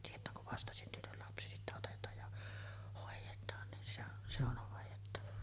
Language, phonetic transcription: Finnish, 'tiet̀ää kuv 'vastasyntynyl lapsi sittä otet̀aaj ja , 'hòejet̀aan nin se ‿oˀ , se ‿on̳§ hòejettava .
- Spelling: tietää kun vastasyntynyt lapsi sitten otetaan ja hoidetaan niin se on se on hoidettava

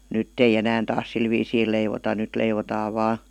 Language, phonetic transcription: Finnish, nytt ‿ei 'enään taas 'sil viisii leivota 'nyt leivotaa vaa ,.
- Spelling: nyt ei enää taas sillä viisiin leivota nyt leivotaan vain

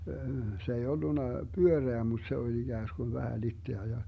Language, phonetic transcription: Finnish, 'se ei 'olluna , "pyöreä mut se oĺ 'iGääsGun 'vähä 'litteä ja , .
- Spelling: se ei ollut pyöreä mutta se oli ikään kuin vähän litteä ja

